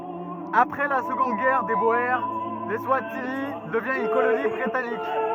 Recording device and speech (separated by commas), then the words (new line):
rigid in-ear microphone, read sentence
Après la Seconde Guerre des Boers, l'Eswatini devient une colonie britannique.